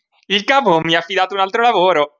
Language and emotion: Italian, happy